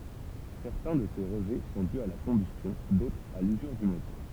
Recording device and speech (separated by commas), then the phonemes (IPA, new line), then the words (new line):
temple vibration pickup, read sentence
sɛʁtɛ̃ də se ʁəʒɛ sɔ̃ dy a la kɔ̃bystjɔ̃ dotʁz a lyzyʁ dy motœʁ
Certains de ces rejets sont dus à la combustion, d'autres à l'usure du moteur.